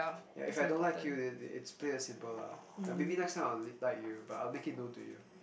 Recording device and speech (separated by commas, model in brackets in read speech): boundary microphone, conversation in the same room